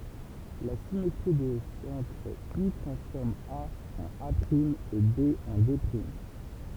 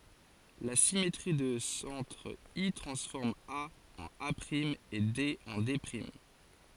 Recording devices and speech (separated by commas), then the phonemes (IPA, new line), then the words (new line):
temple vibration pickup, forehead accelerometer, read sentence
la simetʁi də sɑ̃tʁ i tʁɑ̃sfɔʁm a ɑ̃n a e de ɑ̃ de
La symétrie de centre I transforme A en A’ et D en D’.